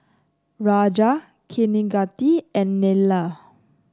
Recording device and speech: close-talking microphone (WH30), read sentence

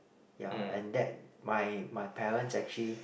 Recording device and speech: boundary microphone, conversation in the same room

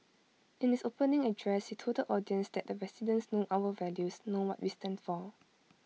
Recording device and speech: mobile phone (iPhone 6), read sentence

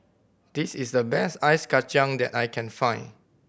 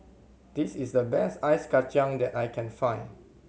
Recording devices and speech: boundary microphone (BM630), mobile phone (Samsung C7100), read sentence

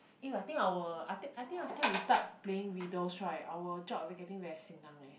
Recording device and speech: boundary microphone, conversation in the same room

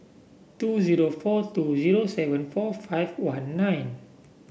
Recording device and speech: boundary microphone (BM630), read sentence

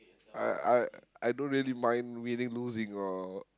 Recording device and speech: close-talking microphone, conversation in the same room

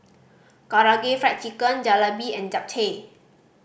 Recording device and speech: boundary microphone (BM630), read sentence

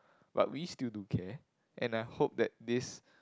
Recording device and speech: close-talking microphone, conversation in the same room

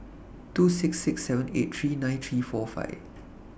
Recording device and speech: boundary microphone (BM630), read sentence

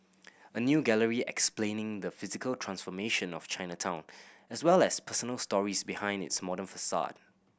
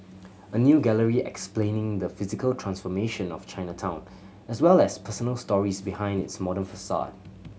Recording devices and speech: boundary microphone (BM630), mobile phone (Samsung C7100), read sentence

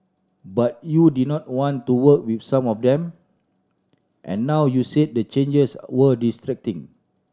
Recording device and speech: standing microphone (AKG C214), read sentence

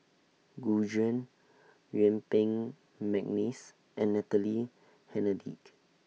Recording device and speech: mobile phone (iPhone 6), read sentence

